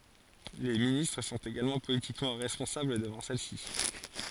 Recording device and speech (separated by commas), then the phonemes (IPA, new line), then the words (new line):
forehead accelerometer, read sentence
le ministʁ sɔ̃t eɡalmɑ̃ politikmɑ̃ ʁɛspɔ̃sabl dəvɑ̃ sɛl si
Les ministres sont également politiquement responsables devant celle-ci.